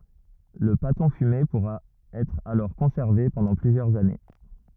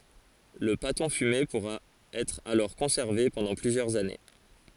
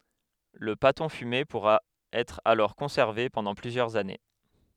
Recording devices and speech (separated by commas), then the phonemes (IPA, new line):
rigid in-ear microphone, forehead accelerometer, headset microphone, read sentence
lə patɔ̃ fyme puʁa ɛtʁ alɔʁ kɔ̃sɛʁve pɑ̃dɑ̃ plyzjœʁz ane